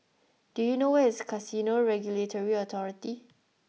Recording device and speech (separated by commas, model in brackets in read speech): mobile phone (iPhone 6), read sentence